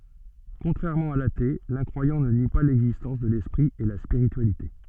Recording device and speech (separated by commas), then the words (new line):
soft in-ear microphone, read sentence
Contrairement à l'athée, l'incroyant ne nie pas l'existence de l'esprit et la spiritualité.